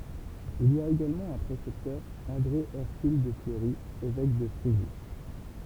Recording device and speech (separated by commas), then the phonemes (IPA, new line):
temple vibration pickup, read sentence
il i a eɡalmɑ̃ œ̃ pʁesɛptœʁ ɑ̃dʁe ɛʁkyl də fləʁi evɛk də fʁeʒys